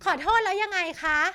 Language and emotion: Thai, angry